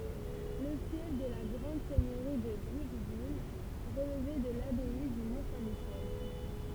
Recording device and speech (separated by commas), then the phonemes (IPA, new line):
temple vibration pickup, read sentence
lə fjɛf də la ɡʁɑ̃d sɛɲøʁi də bʁikvil ʁəlvɛ də labɛi dy mɔ̃ sɛ̃ miʃɛl